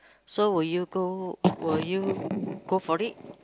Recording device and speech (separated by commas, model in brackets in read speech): close-talking microphone, conversation in the same room